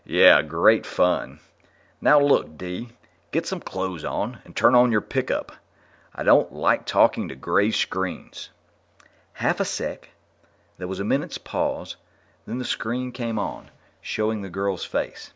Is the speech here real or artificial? real